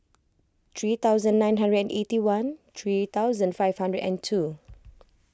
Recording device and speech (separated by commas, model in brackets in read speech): close-talking microphone (WH20), read sentence